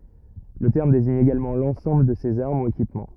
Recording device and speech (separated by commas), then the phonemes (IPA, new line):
rigid in-ear microphone, read sentence
lə tɛʁm deziɲ eɡalmɑ̃ lɑ̃sɑ̃bl də sez aʁm u ekipmɑ̃